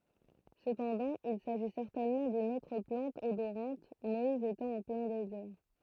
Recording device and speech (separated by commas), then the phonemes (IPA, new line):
throat microphone, read sentence
səpɑ̃dɑ̃ il saʒi sɛʁtɛnmɑ̃ dyn otʁ plɑ̃t odoʁɑ̃t mɔiz etɑ̃ ɑ̃ plɛ̃ dezɛʁ